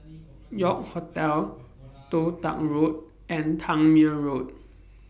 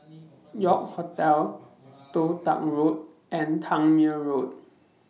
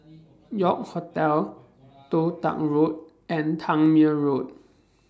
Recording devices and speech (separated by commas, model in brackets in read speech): boundary microphone (BM630), mobile phone (iPhone 6), standing microphone (AKG C214), read sentence